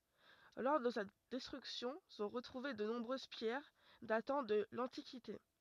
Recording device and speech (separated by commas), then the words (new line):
rigid in-ear microphone, read sentence
Lors de sa destruction sont retrouvées de nombreuses pierres datant de l'antiquité.